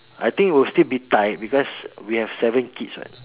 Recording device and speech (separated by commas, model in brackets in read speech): telephone, conversation in separate rooms